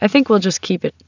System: none